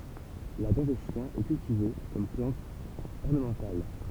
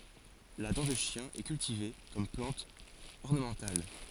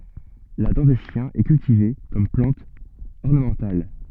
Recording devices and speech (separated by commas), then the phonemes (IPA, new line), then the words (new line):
temple vibration pickup, forehead accelerometer, soft in-ear microphone, read sentence
la dɑ̃ də ʃjɛ̃ ɛ kyltive kɔm plɑ̃t ɔʁnəmɑ̃tal
La dent de chien est cultivée comme plante ornementale.